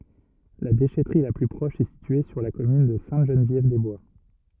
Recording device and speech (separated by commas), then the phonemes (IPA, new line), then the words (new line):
rigid in-ear microphone, read sentence
la deʃɛtʁi la ply pʁɔʃ ɛ sitye syʁ la kɔmyn də sɛ̃təʒənvjɛvdɛzbwa
La déchèterie la plus proche est située sur la commune de Sainte-Geneviève-des-Bois.